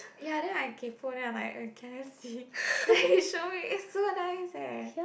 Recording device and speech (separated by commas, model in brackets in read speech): boundary microphone, conversation in the same room